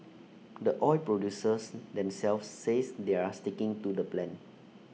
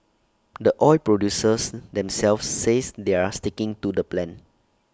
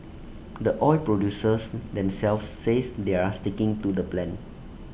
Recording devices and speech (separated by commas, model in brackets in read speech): mobile phone (iPhone 6), standing microphone (AKG C214), boundary microphone (BM630), read sentence